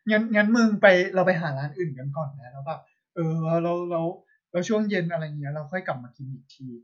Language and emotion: Thai, happy